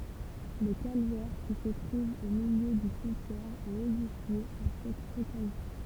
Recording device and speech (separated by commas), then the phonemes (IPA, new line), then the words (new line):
temple vibration pickup, read sentence
lə kalvɛʁ ki sə tʁuv o miljø dy simtjɛʁ ɛt edifje ɑ̃ sɛt ɔkazjɔ̃
Le calvaire qui se trouve au milieu du cimetière est édifié en cette occasion.